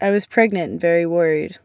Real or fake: real